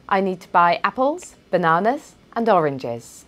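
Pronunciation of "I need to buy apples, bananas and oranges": The voice rises on 'apples' and on 'bananas', and falls on 'oranges'.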